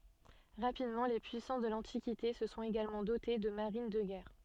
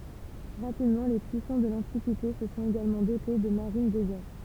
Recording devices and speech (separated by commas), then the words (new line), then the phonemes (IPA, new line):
soft in-ear microphone, temple vibration pickup, read sentence
Rapidement, les puissances de l'Antiquité se sont également dotées de marines de guerre.
ʁapidmɑ̃ le pyisɑ̃s də lɑ̃tikite sə sɔ̃t eɡalmɑ̃ dote də maʁin də ɡɛʁ